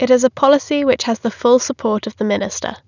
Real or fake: real